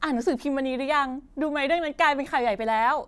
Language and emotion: Thai, happy